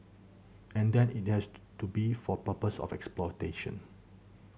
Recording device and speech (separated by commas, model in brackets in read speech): mobile phone (Samsung C7100), read sentence